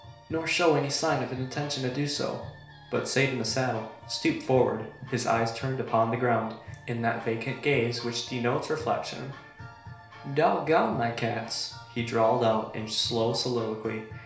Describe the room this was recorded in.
A small room (about 3.7 m by 2.7 m).